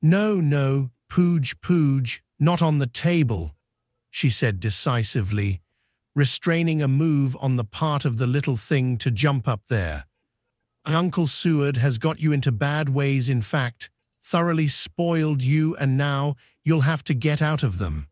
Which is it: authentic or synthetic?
synthetic